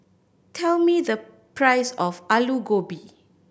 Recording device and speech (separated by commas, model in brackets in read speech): boundary microphone (BM630), read sentence